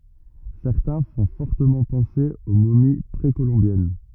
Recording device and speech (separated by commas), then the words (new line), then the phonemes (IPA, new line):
rigid in-ear microphone, read sentence
Certains font fortement penser aux momies précolombiennes.
sɛʁtɛ̃ fɔ̃ fɔʁtəmɑ̃ pɑ̃se o momi pʁekolɔ̃bjɛn